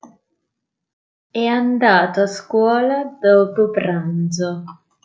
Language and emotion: Italian, disgusted